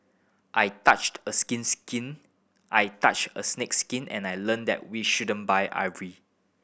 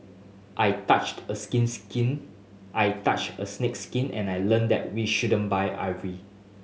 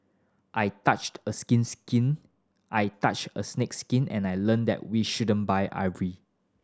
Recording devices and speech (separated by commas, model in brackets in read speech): boundary microphone (BM630), mobile phone (Samsung S8), standing microphone (AKG C214), read sentence